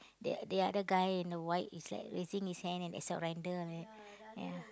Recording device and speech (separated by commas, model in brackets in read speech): close-talking microphone, conversation in the same room